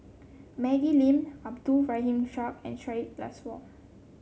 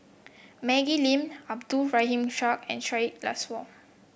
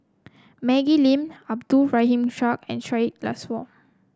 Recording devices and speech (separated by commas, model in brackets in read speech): mobile phone (Samsung C7), boundary microphone (BM630), close-talking microphone (WH30), read sentence